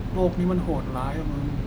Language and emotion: Thai, frustrated